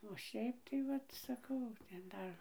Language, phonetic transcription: Lithuanian, o ˈšiaip tai ˈvat saˈkau ten ˈdar

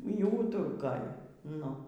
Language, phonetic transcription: Lithuanian, y ˈūturkoj ˈnu

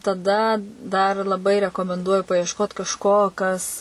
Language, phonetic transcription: Lithuanian, taˈda dar laˈbai rekomenˈduoju paiešˈkot kažˈko ˈkas

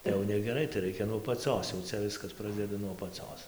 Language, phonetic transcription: Lithuanian, tai jau negeˈrai tai ˈraikia nuo apaˈcios jau ˈcia ˈviskas ˈprasdeda nuo apaˈcos

